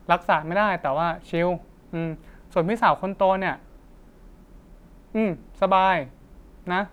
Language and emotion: Thai, neutral